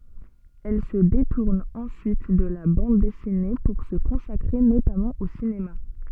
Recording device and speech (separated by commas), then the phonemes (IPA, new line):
soft in-ear microphone, read sentence
ɛl sə detuʁn ɑ̃syit də la bɑ̃d dɛsine puʁ sə kɔ̃sakʁe notamɑ̃ o sinema